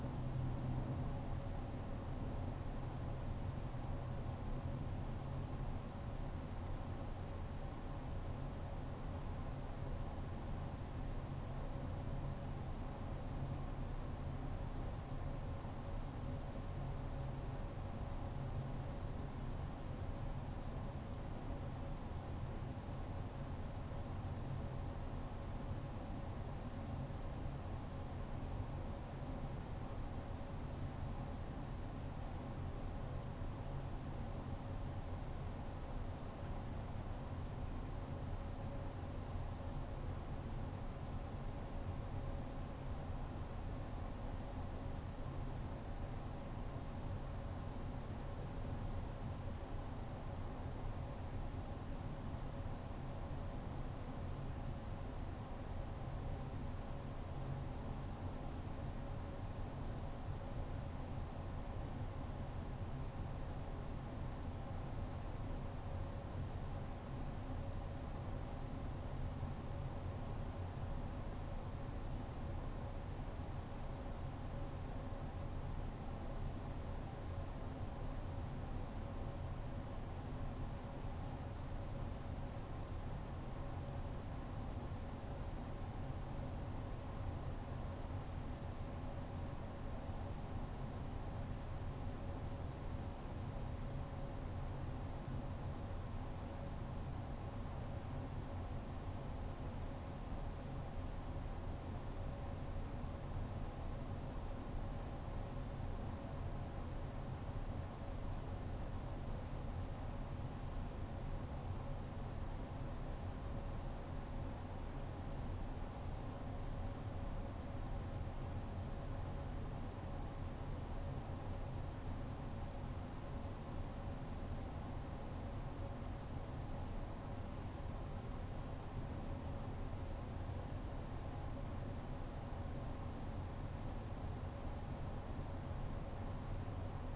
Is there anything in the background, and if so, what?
Nothing.